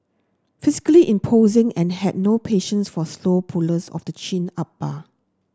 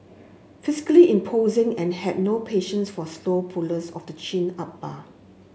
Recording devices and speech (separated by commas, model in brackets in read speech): standing microphone (AKG C214), mobile phone (Samsung S8), read sentence